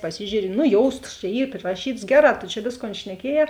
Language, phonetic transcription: Lithuanian, paˈsižiūri nu ˈjoustas čia ˈy priraˈšytas ˈgeˌrā to čia ˈvėsˌkon šneˈkieˌjē

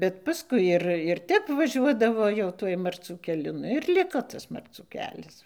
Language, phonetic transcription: Lithuanian, bet paˈskui ir ir ˈtep vaˈžiuodavo jau ˈtuoj marˈcių keˈliu ˈnu ir ˈliko ˈtas marˈcų ˈkelias

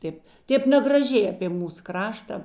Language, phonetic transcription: Lithuanian, ˈtėp ˈtėp negraˈžiai apė ˈmūs ˈkrašta

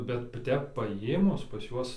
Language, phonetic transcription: Lithuanian, bet ˈtep paˈjėmus pas ˈjuos

